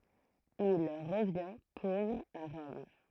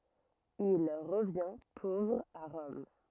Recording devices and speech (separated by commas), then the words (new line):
throat microphone, rigid in-ear microphone, read sentence
Il revient pauvre à Rome.